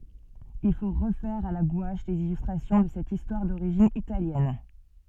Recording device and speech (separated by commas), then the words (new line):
soft in-ear microphone, read sentence
Il faut refaire à la gouache les illustrations de cette histoire d'origine italienne.